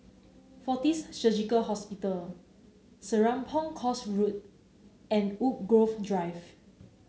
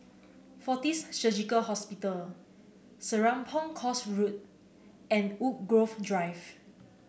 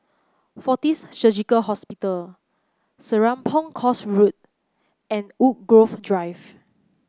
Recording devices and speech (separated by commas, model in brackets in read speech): mobile phone (Samsung C9), boundary microphone (BM630), close-talking microphone (WH30), read sentence